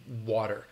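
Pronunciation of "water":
In 'water', the t is a flap T that sounds like a d, as in American pronunciation.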